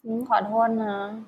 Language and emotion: Thai, sad